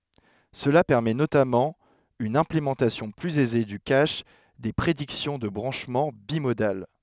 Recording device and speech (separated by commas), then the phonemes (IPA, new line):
headset microphone, read sentence
səla pɛʁmɛ notamɑ̃ yn ɛ̃plemɑ̃tasjɔ̃ plyz ɛze dy kaʃ de pʁediksjɔ̃ də bʁɑ̃ʃmɑ̃ bimodal